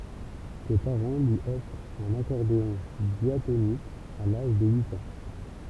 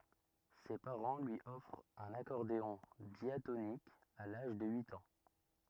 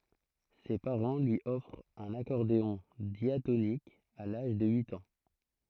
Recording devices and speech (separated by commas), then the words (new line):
temple vibration pickup, rigid in-ear microphone, throat microphone, read sentence
Ses parents lui offrent un accordéon diatonique à l'âge de huit ans.